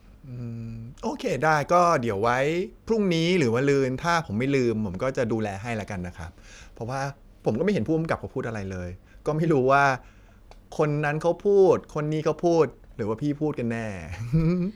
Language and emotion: Thai, neutral